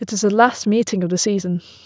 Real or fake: real